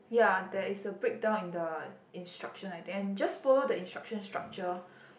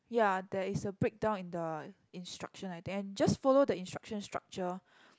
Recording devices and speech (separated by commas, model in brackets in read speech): boundary microphone, close-talking microphone, conversation in the same room